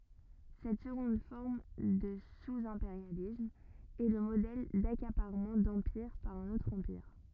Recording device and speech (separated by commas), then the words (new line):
rigid in-ear microphone, read sentence
Cette seconde forme de sous-impérialisme est le modèle d'accaparement d'empire par un autre empire.